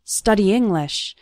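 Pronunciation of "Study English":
'Study' and 'English' run together: the final vowel of 'study' and the first vowel of 'English' combine.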